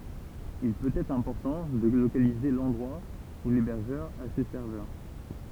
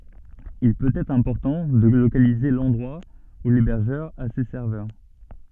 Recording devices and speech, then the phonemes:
temple vibration pickup, soft in-ear microphone, read sentence
il pøt ɛtʁ ɛ̃pɔʁtɑ̃ də lokalize lɑ̃dʁwa u lebɛʁʒœʁ a se sɛʁvœʁ

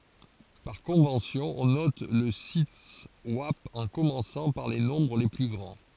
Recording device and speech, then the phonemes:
forehead accelerometer, read sentence
paʁ kɔ̃vɑ̃sjɔ̃ ɔ̃ nɔt lə sitɛswap ɑ̃ kɔmɑ̃sɑ̃ paʁ le nɔ̃bʁ le ply ɡʁɑ̃

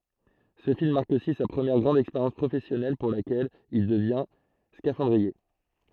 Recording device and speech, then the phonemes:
throat microphone, read sentence
sə film maʁk osi sa pʁəmjɛʁ ɡʁɑ̃d ɛkspeʁjɑ̃s pʁofɛsjɔnɛl puʁ lakɛl il dəvjɛ̃ skafɑ̃dʁie

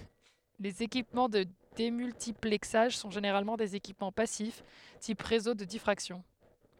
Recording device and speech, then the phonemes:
headset microphone, read sentence
lez ekipmɑ̃ də demyltiplɛksaʒ sɔ̃ ʒeneʁalmɑ̃ dez ekipmɑ̃ pasif tip ʁezo də difʁaksjɔ̃

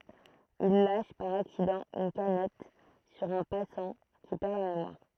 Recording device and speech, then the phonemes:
throat microphone, read sentence
il laʃ paʁ aksidɑ̃ yn kanɛt syʁ œ̃ pasɑ̃ ki pɛʁ la memwaʁ

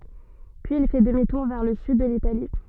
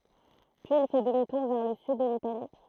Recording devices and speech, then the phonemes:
soft in-ear microphone, throat microphone, read sentence
pyiz il fɛ dəmi tuʁ vɛʁ lə syd də litali

